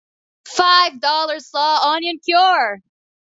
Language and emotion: English, happy